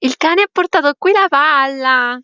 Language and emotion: Italian, happy